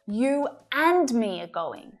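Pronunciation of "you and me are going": In 'you and me are going', the word 'and' is stressed.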